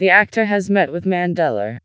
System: TTS, vocoder